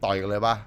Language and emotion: Thai, frustrated